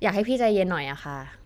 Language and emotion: Thai, frustrated